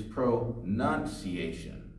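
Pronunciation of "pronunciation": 'Pronunciation' is pronounced correctly here.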